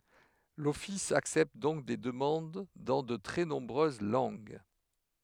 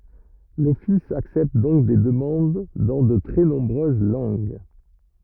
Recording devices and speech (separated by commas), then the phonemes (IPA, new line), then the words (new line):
headset microphone, rigid in-ear microphone, read sentence
lɔfis aksɛpt dɔ̃k de dəmɑ̃d dɑ̃ də tʁɛ nɔ̃bʁøz lɑ̃ɡ
L'office accepte donc des demandes dans de très nombreuses langues.